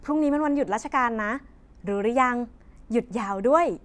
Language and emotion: Thai, happy